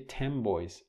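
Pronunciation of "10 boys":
'Ten boys' is said as in rapid speech, with assimilation: in anticipation of the b of 'boys', the n at the end of 'ten' shifts its place of articulation.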